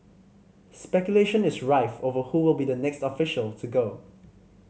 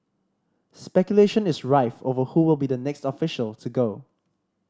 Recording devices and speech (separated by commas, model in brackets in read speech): mobile phone (Samsung C5010), standing microphone (AKG C214), read sentence